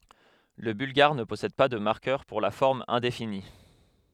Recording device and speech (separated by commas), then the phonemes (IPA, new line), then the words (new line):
headset microphone, read sentence
lə bylɡaʁ nə pɔsɛd pa də maʁkœʁ puʁ la fɔʁm ɛ̃defini
Le bulgare ne possède pas de marqueur pour la forme indéfinie.